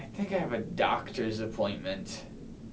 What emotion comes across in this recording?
disgusted